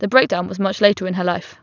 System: none